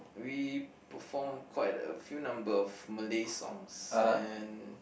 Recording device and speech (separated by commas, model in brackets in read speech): boundary microphone, conversation in the same room